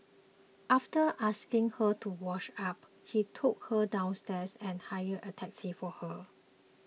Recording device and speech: mobile phone (iPhone 6), read sentence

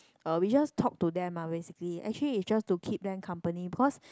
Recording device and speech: close-talking microphone, conversation in the same room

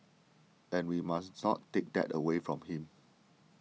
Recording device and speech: mobile phone (iPhone 6), read sentence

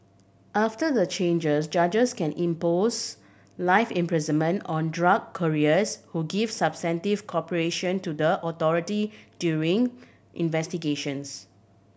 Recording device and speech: boundary microphone (BM630), read sentence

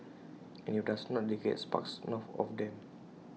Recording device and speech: mobile phone (iPhone 6), read sentence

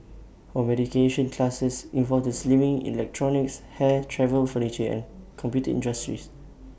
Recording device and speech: boundary microphone (BM630), read sentence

